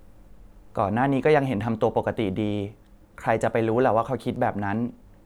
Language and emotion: Thai, neutral